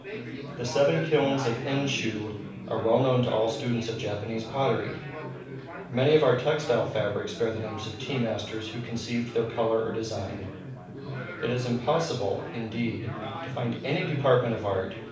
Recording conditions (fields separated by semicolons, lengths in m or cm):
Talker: one person; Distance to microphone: 5.8 m; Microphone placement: far; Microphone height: 1.8 m; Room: medium-sized (5.7 m by 4.0 m); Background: babble